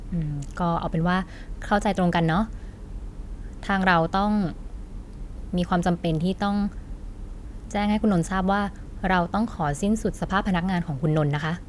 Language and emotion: Thai, neutral